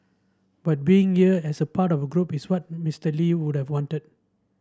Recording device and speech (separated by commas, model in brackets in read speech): standing microphone (AKG C214), read sentence